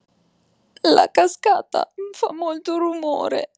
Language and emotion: Italian, sad